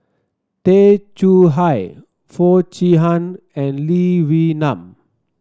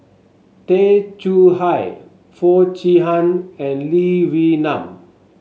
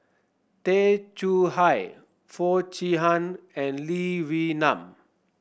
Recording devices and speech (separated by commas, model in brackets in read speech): standing microphone (AKG C214), mobile phone (Samsung S8), boundary microphone (BM630), read sentence